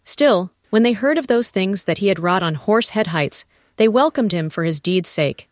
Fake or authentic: fake